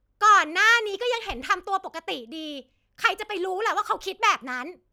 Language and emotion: Thai, angry